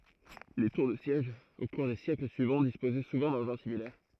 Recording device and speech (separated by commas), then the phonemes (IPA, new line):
throat microphone, read sentence
le tuʁ də sjɛʒ o kuʁ de sjɛkl syivɑ̃ dispozɛ suvɑ̃ dɑ̃ʒɛ̃ similɛʁ